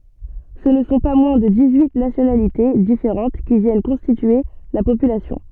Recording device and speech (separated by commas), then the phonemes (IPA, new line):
soft in-ear microphone, read sentence
sə nə sɔ̃ pa mwɛ̃ də dis yi nasjonalite difeʁɑ̃t ki vjɛn kɔ̃stitye la popylasjɔ̃